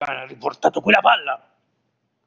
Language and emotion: Italian, angry